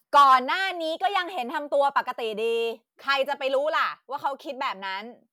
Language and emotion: Thai, angry